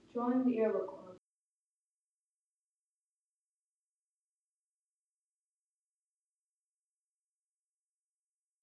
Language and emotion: English, sad